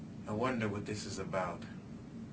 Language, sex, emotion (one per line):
English
male
neutral